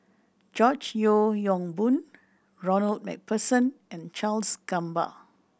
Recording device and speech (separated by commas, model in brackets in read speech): boundary microphone (BM630), read sentence